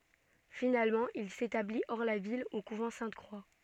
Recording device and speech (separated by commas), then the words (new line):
soft in-ear microphone, read sentence
Finalement, il s'établit, hors la ville, au couvent Sainte-Croix.